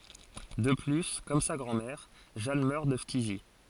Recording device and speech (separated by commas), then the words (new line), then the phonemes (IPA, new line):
forehead accelerometer, read sentence
De plus, comme sa grand-mère, Jeanne meurt de phtisie.
də ply kɔm sa ɡʁɑ̃dmɛʁ ʒan mœʁ də ftizi